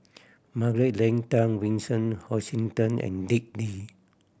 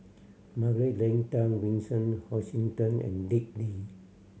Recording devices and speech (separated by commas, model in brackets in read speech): boundary microphone (BM630), mobile phone (Samsung C7100), read sentence